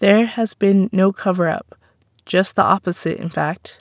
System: none